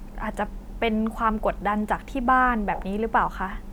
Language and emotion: Thai, frustrated